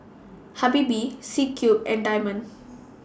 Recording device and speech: standing microphone (AKG C214), read sentence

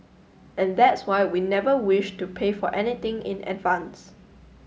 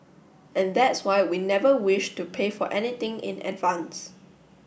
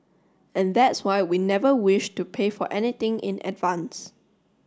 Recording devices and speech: mobile phone (Samsung S8), boundary microphone (BM630), standing microphone (AKG C214), read sentence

